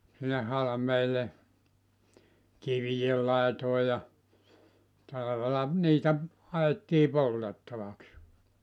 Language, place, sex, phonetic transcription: Finnish, Joutsa, male, sinne 'halᵃmeel̆le , 'kiviʲel 'làetòe ja , 'talavela 'niitä , 'ha₍ettii "poltettavaks .
- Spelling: sinne halmeelle kivien laitoihin ja talvella niitä haettiin poltettavaksi

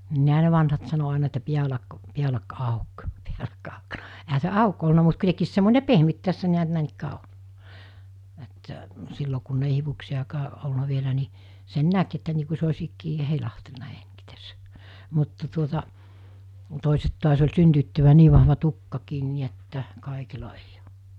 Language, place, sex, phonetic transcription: Finnish, Mikkeli, female, niiɦä ne 'vanhat sano àina että 'piälak , 'piälak 'àuk , (piälak auk sano,) ehä se "àuk olna mut kui(te)kiis semmòine 'pehmyt tässä niät 'nä̀enikkää 'oĺ , että , 'sillo kunnei 'hivuksijakaa ˀolna vielä ni , sen 'näk että nii ku se os̜ ikkii "heilahtelna 'heŋkit(əs) , mutta tuota , tòiset tuas oĺ 'syntyyttyvvää 'nii vahva 'tukkakiin ni et'tä , 'kàekila eij ‿ᴏ .
- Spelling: niinhän ne vanhat sanoi aina että päälaki päälaki auki päälaki auki sanoi eihän se auki ollut mutta kuitenkin semmoinen pehmyt tässä näet näinikään oli että silloin kun ei hiuksiakaan ollut vielä niin sen näki että niin kuin se olisi ikään heilahdellut - mutta tuota toiset taas oli synnyttyään niin vahva tukkakin niin että kaikilla ei ole

